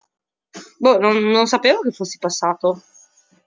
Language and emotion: Italian, surprised